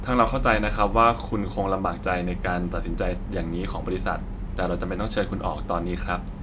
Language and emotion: Thai, neutral